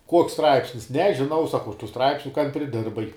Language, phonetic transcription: Lithuanian, ˈkuoks ˈstraipsnis nežiˈnau saˈkau aš tų ˈstraipsniu kan priˈdirbai

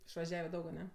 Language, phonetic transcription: Lithuanian, išvaˈžiave ˈdaug aˈne

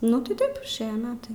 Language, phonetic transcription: Lithuanian, nu tai ˈtaip išˈėja ˈmetai

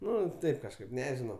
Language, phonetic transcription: Lithuanian, ˈnu ˈtaip kažˈkaip ˈnežinau

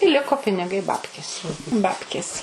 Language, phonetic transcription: Lithuanian, i ˈliko piniˈgai ˈbabkės ˈbabkės

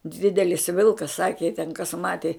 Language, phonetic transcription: Lithuanian, ˈdidelis ˈvilkas ˈsaki ji ten kas ˈmati

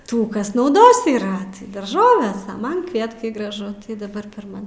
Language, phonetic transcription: Lithuanian, ˈtų ˈkas nauˈdos yˈra tai darˈžoves a ˈman ˈkvietkai graˈžu tai daˈbar per ˈman

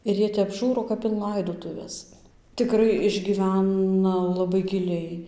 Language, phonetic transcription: Lithuanian, ir ˈjie tep ˈžūro kap in ˈlaidotuves tiˈkrai išgyˈvæna laˈbai giˈliai

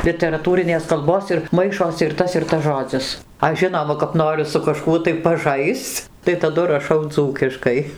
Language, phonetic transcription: Lithuanian, literaˈtūrinės kalˈbos ir ˈmaišosi ir ˈtas ir ˈtas ˈžodzis ˈaš ˈžinoma kap ˈnoriu su kaˈžkuo tai paˈžaisc tai taˈdu raˈšau ˈdzūkiškai

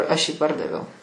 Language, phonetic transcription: Lithuanian, aš jį ˈpardaviau

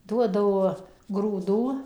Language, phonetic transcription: Lithuanian, ˈduodavo grūˈdų

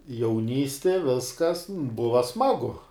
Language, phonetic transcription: Lithuanian, jauˈnysti ˈviskas ˈbuva ˈsmagu

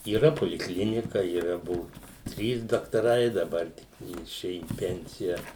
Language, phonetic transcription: Lithuanian, yˈra polikˈlinika yˈra ˈbuvu ˈtrys daktaˈrai daˈbar ˈtik ˈji iˈšėju į ˈpensija

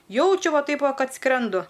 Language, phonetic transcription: Lithuanian, ˈjaučiu ˈva ˈtaip ˈva ˈkad ˈskrendu

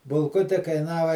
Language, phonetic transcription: Lithuanian, bulˈkuti kaiˈnava

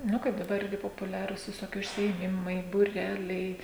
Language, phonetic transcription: Lithuanian, ˈnu kaip daˈbar ˈirgi popuˈliarūs viˈsoki užsiėˈmimai būˈreliai

